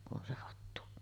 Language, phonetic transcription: Finnish, kun ’on se 'hattu .
- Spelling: kun on se hattu

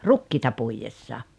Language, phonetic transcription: Finnish, rukkiita 'puijessa .
- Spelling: rukiita puidessa

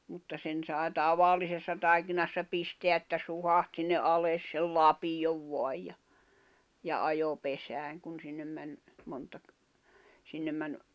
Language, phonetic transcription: Finnish, mutta 'sen sài̬ "tavallisessa tài̬kinassa "pisteä että "suhaht sinne '’ales sei "lapiʲov voaj ja , ja 'ajo 'pesääŋ kun 'sinnem män , monta ‿k- , sinnem män ,.
- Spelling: mutta sen sai tavallisessa taikinassa pistää että suhahti sinne alas sai lapion vain ja ja ajoi pesään kun sinne meni monta - sinne meni

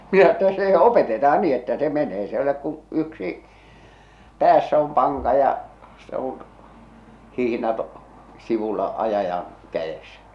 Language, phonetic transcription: Finnish, minä että se 'opeteta₍an 'ni että se 'menee s ‿e olek kuṵ , yksi , 'päässä om 'paŋka ja , se ‿on , 'hihⁱnat , sivulla , 'ajajan , 'käʲesᴀ̈ .
- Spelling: minä että se opetetaan niin että se menee se ei ole kuin yksi päässä on panka ja se on hihnat sivulla ajajan kädessä

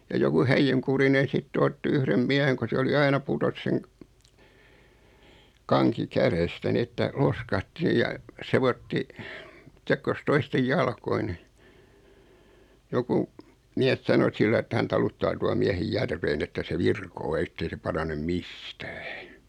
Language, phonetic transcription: Finnish, ja 'joku 'häijyŋkurinen̬ sittᵉ 'otti 'yhrem "miäheŋ ko se oli "aina 'putos seŋ , 'kaŋki "kärestä 'ni että , "loskahti ja , 'sevotti , 'sekkos 'toistej "jalkoi ni , 'joku , 'miäs sano 'sillaⁱ että hän 'taluttaa tua 'miähej "järveen ‿että se 'virkoo ettei se 'paranem "mistᴀ̈ᴀ̈ .
- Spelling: ja joku häijynkurinen sitten otti yhden miehen kun se oli aina putosi sen kanki kädestä niin että loiskahti ja sekoitti sekosi toisten jalkoihin niin joku mies sanoi sillä lailla että hän taluttaa tuon miehen järveen että se virkoaa että ei se parane mistään

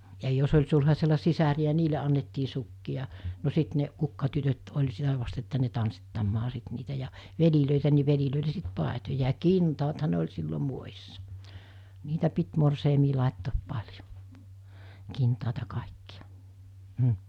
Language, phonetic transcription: Finnish, ja jos oĺ sulhasella 'sisäri₍ä 'niile annettii sukki₍a , no 'sit ne , 'kukkatytöt oĺ 'sitä vast että 'ne tanssittammaa sit niitä ja , 'velilö̀itä ni velilö̀ile sit 'pàetoja ja "kintaatha ne oĺ 'sillo muojissa , 'niitä pit morseimii làettoop 'paĺjo , 'kintàeta kàekkiᴀ , m̥ .
- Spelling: ja jos oli sulhasella sisaria niille annettiin sukkia no sitten ne kukkatytöt oli sitä vasten että ne tanssittamaan sitten niitä ja veljiä niin veljille sitten paitoja ja kintaathan ne oli silloin muodissa niitä piti morsiamen laittaa paljon kintaita kaikkia mm

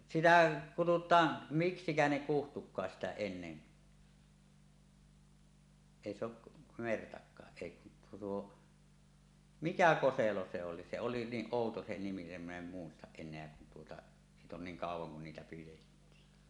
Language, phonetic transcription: Finnish, sitä 'kutut̀aan , 'miksikä ne kuhtuk̀aas sitä 'ennen , èi se ‿oˀ , 'mertak̆kaa’ ’èi kun tuo 'tuo , "mikä "ko-selo 'se 'oli , se oli 'niiˀ "ˀòuto se nimi nim min ‿em muistaˀ 'ˀen̆neä kun tuota , 'siit ‿on 'niiŋ "kàuw̆waŋ kun niitä 'pijettii .
- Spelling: sitä kutsutaan miksikä ne kutsuikaan sitä ennen ei se ole mertakaan ei kun tuo tuo mikä koselo se oli se oli niin outo se nimi niin min en muista enää kun tuota siitä on niin kauan kun niitä pidettiin

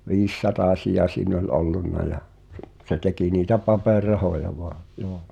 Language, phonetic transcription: Finnish, 'viis"satàsija siin ‿oĺ '’ollunna ja , s- , se 'teki niitä 'paper̆"rahoja voa , joo .
- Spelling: viisisatasia siinä oli ollut ja - se teki niitä paperirahoja vain joo

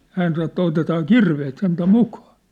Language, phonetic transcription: Finnish, 'hään sano ĕttä » 'otetaa "kirveet sentä "mukᴀᴀ ! «
- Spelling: hän sanoi että otetaan kirveet sentään mukaan

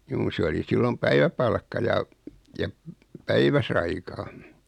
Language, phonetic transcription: Finnish, 'juu se oli 'sillom "päiväpalkka ja , ja p- , "päiväsaikaan̬ .
- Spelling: juu se oli silloin päiväpalkka ja ja - päiväsaikaan

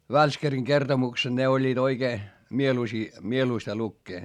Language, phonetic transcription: Finnish, Välskäriŋ kertomukseD ne oĺĺiit oikee , mieluisii , mieluista lukkee .
- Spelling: Välskärin kertomukset ne olivat oikein mieluisia mieluista lukea

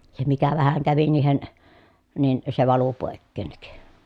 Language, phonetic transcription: Finnish, se mikä vähäŋ kävi niihen , nin , se valu pòekkènnik .
- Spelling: se mikä vähän kävi niihin niin se valui poiskin

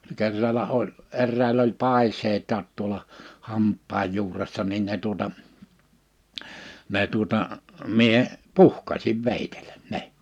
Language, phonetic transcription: Finnish, 'kerrala 'oĺ , 'errä̀il ‿oĺ 'pàis̀eitaat tuola , 'hamppaaj 'juuressa nin ne tuota , ne tuᵒta , 'mie , "puhkasiv 'vèitelᴀ̈ 'ne .
- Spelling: kerralla oli eräillä oli paiseita tuolla hampaan juuressa niin ne tuota ne tuota minä puhkaisin veitsellä ne

